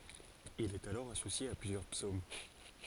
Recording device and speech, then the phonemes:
forehead accelerometer, read sentence
il ɛt alɔʁ asosje a plyzjœʁ psom

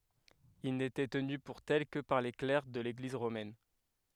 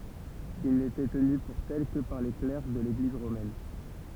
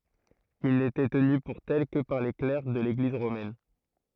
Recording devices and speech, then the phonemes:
headset microphone, temple vibration pickup, throat microphone, read sentence
il netɛ təny puʁ tɛl kə paʁ le klɛʁ də leɡliz ʁomɛn

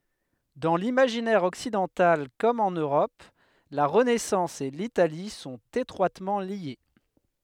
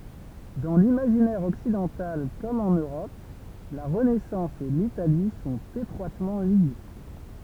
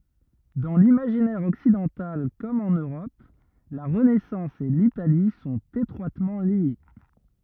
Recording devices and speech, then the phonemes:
headset microphone, temple vibration pickup, rigid in-ear microphone, read sentence
dɑ̃ limaʒinɛʁ ɔksidɑ̃tal kɔm ɑ̃n øʁɔp la ʁənɛsɑ̃s e litali sɔ̃t etʁwatmɑ̃ lje

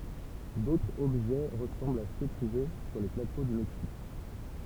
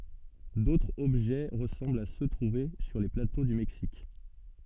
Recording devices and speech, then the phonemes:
temple vibration pickup, soft in-ear microphone, read sentence
dotʁz ɔbʒɛ ʁəsɑ̃blt a sø tʁuve syʁ le plato dy mɛksik

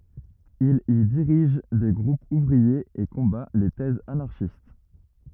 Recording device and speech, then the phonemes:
rigid in-ear microphone, read sentence
il i diʁiʒ de ɡʁupz uvʁiez e kɔ̃ba le tɛzz anaʁʃist

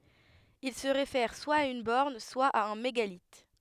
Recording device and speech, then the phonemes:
headset microphone, read sentence
il sə ʁefɛʁ swa a yn bɔʁn swa a œ̃ meɡalit

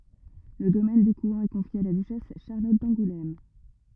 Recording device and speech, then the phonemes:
rigid in-ear microphone, read sentence
lə domɛn dekwɛ̃ ɛ kɔ̃fje a la dyʃɛs ʃaʁlɔt dɑ̃ɡulɛm

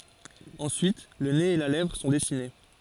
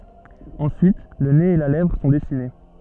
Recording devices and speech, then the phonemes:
forehead accelerometer, soft in-ear microphone, read sentence
ɑ̃syit lə nez e la lɛvʁ sɔ̃ dɛsine

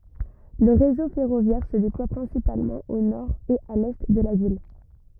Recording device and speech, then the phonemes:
rigid in-ear microphone, read sentence
lə ʁezo fɛʁovjɛʁ sə deplwa pʁɛ̃sipalmɑ̃ o nɔʁ e a lɛ də la vil

